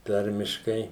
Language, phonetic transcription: Lithuanian, ˈtarmiškai

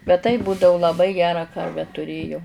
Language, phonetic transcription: Lithuanian, bet taip ˈbūdau laˈbai ˈgerą ˈkarvę tuˈrėjau

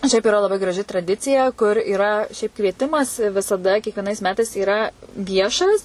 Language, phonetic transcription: Lithuanian, ˈšiaip iˈra laˈbai graˈži traˈdicija kur yˈra šiaip kvieˈtimas visaˈda kiekvieˈnais ˈmetais yˈra ˈviešas

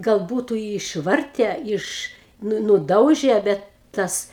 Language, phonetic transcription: Lithuanian, gal ˈbūtu i išˈvarte ˈiš ˈnu nuˈdauže ˈbet ˈtas

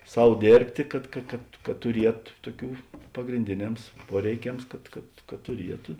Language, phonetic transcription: Lithuanian, ˈsau ˈdėrbtė ˈkad ka kad kad tuˈriet ˈtuoˌkių pagrinˈdėˌnems ˈpuoreiˌkems ˈkad kad kad tuˈrietu

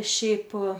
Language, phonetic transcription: Lithuanian, ˈšiaip

